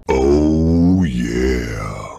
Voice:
deep voice